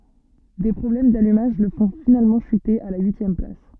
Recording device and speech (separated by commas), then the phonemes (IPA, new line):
soft in-ear microphone, read sentence
de pʁɔblɛm dalymaʒ lə fɔ̃ finalmɑ̃ ʃyte a la yisjɛm plas